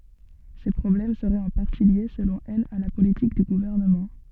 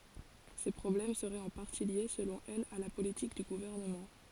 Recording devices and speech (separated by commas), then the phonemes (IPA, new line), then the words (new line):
soft in-ear microphone, forehead accelerometer, read sentence
se pʁɔblɛm səʁɛt ɑ̃ paʁti lje səlɔ̃ ɛl a la politik dy ɡuvɛʁnəmɑ̃
Ces problèmes seraient en partie liés, selon elle, à la politique du gouvernement.